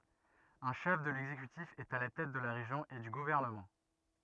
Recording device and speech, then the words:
rigid in-ear microphone, read sentence
Un chef de l'exécutif est à la tête de la région et du gouvernement.

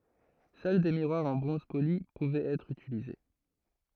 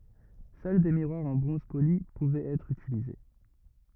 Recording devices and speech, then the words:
throat microphone, rigid in-ear microphone, read sentence
Seuls des miroirs en bronze poli pouvaient être utilisés.

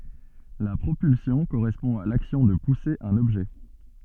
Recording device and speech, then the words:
soft in-ear microphone, read sentence
La propulsion correspond à l'action de pousser un objet.

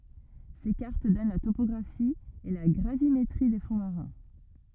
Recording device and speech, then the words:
rigid in-ear microphone, read sentence
Ces cartes donnent la topographie et la gravimétrie des fonds marins.

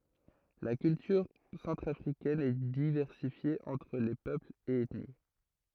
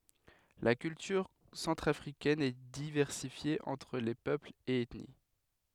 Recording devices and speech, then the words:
throat microphone, headset microphone, read sentence
La culture centrafricaine est diversifiée entre les peuples et ethnies.

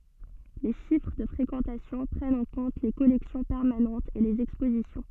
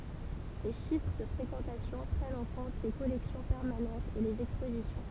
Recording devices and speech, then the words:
soft in-ear microphone, temple vibration pickup, read sentence
Les chiffres de fréquentation prennent en compte les collections permanentes et les expositions.

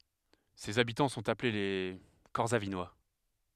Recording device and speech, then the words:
headset microphone, read sentence
Ses habitants sont appelés les Corsavinois.

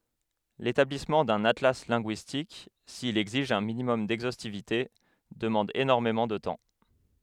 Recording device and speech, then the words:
headset microphone, read sentence
L'établissement d'un atlas linguistique, s'il exige un minimum d'exhaustivité, demande énormément de temps.

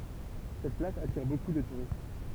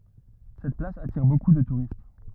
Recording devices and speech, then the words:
temple vibration pickup, rigid in-ear microphone, read sentence
Cette place attire beaucoup de touristes.

